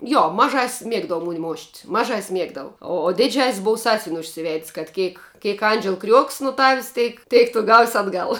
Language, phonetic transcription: Lithuanian, ˈjo maˈžas's' ˈmiegdava ˈmoni ˈmošt maˈžas's' ˈmiegdavu o o ˈdiˌdžias's' ˈbov ˈsąsvin' užsiˈved's' kad ˈkėk ˈkėk ˈandžel kriuok's nu tav's' ˈtėk ˈtėk tu gaus' atˈgal

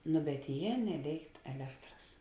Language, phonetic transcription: Lithuanian, nu bet ˈjė neˈlėikt eˈlektras

